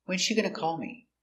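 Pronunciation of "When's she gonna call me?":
The intonation goes down at the end of 'When's she gonna call me?'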